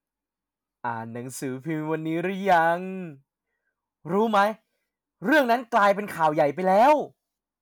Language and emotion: Thai, happy